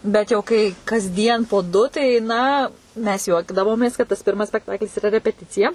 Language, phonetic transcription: Lithuanian, ˈbet jau kai kasˈdien po ˈdu tai ˈna mes ˈjuokdavomės kad tas ˈpirmas spekˈtaklis iˈra repeˈticija

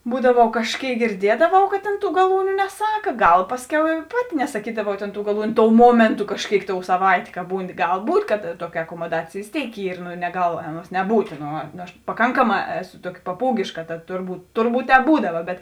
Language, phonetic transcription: Lithuanian, ˈbūdavau kažˈkėik girˈdiedavau kad tėn ˈtų gaˈlūniu neˈsaka ˈgal ˈpasˌkiau i ˈpaˌti nesaˈkydavau tėn tų gaˈlūniu ˈtou ˈmuomėntu kažˈkėik tou saˈvaitė ka ˈbūni ˈgal ˈbūt' kad ˈtuoki akomoˈdacėj vės ˈtėik ˈyr nu neˈgal ˈaˌnuos neˈbūt' ˈno ˈnu aš paˈkankaˌmā ˈeˌsu ˈtuoki paˈpūgėška tad ˈturˌbūt ˈturˌbūt ˈtēp ˈbūdava bet

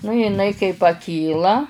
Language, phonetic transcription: Lithuanian, nu jiˈnai kai paˈkyla

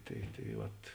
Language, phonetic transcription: Lithuanian, tai tai ˈvat

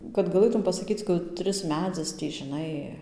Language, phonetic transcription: Lithuanian, kad gaˈlɘtum pasaˈkyc kaˈtris ˈmedzis ˈtį žiˈnai

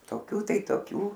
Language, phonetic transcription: Lithuanian, toˈkių ˈtai toˈkių

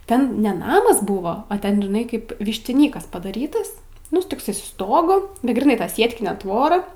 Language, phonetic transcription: Lithuanian, ˈten ne ˈnamas ˈbuvo o ˈten žiˈnai kaip vištiˈnykas padaˈrytas ˈnu tokˈsai su ˈstogu bet gryˈnai ˈta ˈsietkinė ˈtvora

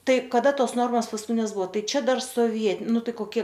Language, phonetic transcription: Lithuanian, ˈtai kaˈda ˈtos ˈnormos visų paskuˈtines ˈbuvo ˈtai ˈčia ˈdar sovie ˈnu ˈtai koˈkie

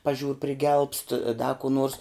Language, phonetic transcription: Lithuanian, paˈžiūr priˈgelbst ˈda kų ˈnors

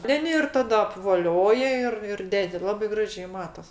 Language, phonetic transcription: Lithuanian, ˈten ir ˈtada apvoˈlioja ˈir ir ˈdedi ˈlabai ˈgražiai ˈmatas

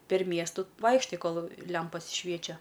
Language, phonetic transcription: Lithuanian, per ˈmiestu ˈvaikštai ˈkol ˈlempas ˈšviečia

